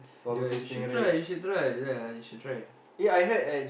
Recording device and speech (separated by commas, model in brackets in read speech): boundary microphone, conversation in the same room